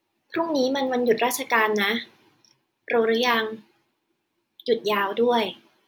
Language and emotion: Thai, neutral